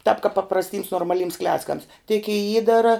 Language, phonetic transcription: Lithuanian, tāp kap paprasˈtyms normaˈlyms ˈkleckams tik i ˈįdara

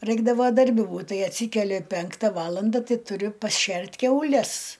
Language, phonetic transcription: Lithuanian, ˈraikdavo darˈbi ˈbūt ˈtai atˈsykeli ˈpenkta ˈvalanda ˈtai tuˈriu pasˈšert' kiauˈles

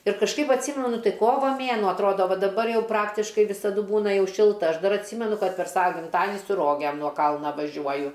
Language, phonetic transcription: Lithuanian, ir kažˈkaip atˈsymenu ˈtai ˈkova ˈmėnuo atˈrodo ˈva daˈbar ˈjau ˈpraktiškai visaˈdu ˈbūna ˈjau ˈšilta ˈaš ˈdar atˈsymenu ˈkad per ˈsava gimˈtadini su ˈrogėm nuo ˈkalna vaˈžiuoju

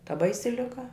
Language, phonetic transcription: Lithuanian, ta ˈbaisi liˈga

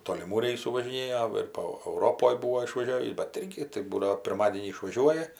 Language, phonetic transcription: Lithuanian, toliˈmų ˈreisų važiˈnėjo ir po auˈropoj ˈbūvo išvaˈžiavįs bet ˈirgi tai ˈbūdavo pirˈmadienį išvaˈžiuoja

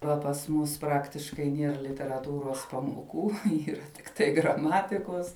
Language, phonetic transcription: Lithuanian, ˈva pas ˈmus ˈpraktiškai ˈnier literaˈtūros pamoˈkų ˈyra tikˈtai graˈmatikos

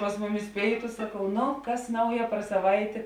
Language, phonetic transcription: Lithuanian, pas ˈmuˌmis ˈpėitu saˈkau ˈnu ˈkas ˈnauja par saˈvaitė

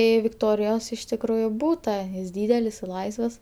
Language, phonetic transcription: Lithuanian, ˈį viktorijos iš tikˈrųju ˈbūta jis ˈdydelis ir ˈlaisvas

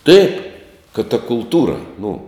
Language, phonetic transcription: Lithuanian, taip kad ta kulˈtūra nu

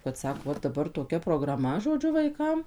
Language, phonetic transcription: Lithuanian, kad ˈsako ˈva daˈbar toˈkia prograˈma žoˈdžiu vaiˈkam

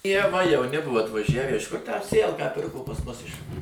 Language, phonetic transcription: Lithuanian, ie va jauˈni ˈbuvo atvaˈžævę iš kur tę ˈsėjalką ˈpirko pas ˈmus iš

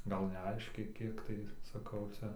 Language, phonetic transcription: Lithuanian, ˈgal neˈaiškiai ˈkiek tai saˈkau ˈcia

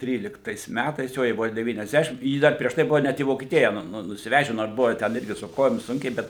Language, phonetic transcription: Lithuanian, ˈtryliktais ˈmætais ˈjo jai ˈbuvo devyniasˈdešim ˈjy ˈdar prieš ˈtai ˈbuvo ˈnet į vokieˈtija ˈnu nusiˈveže nor ˈbuvo ˈten ˈirgi su ˈkojom ˈsunkiai ˈbet

